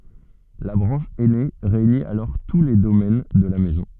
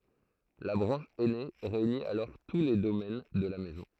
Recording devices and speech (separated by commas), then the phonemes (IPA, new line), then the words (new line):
soft in-ear microphone, throat microphone, read sentence
la bʁɑ̃ʃ ɛne ʁeyni alɔʁ tu le domɛn də la mɛzɔ̃
La branche aînée réunit alors tous les domaines de la Maison.